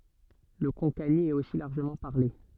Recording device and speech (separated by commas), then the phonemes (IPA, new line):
soft in-ear microphone, read sentence
lə kɔ̃kani ɛt osi laʁʒəmɑ̃ paʁle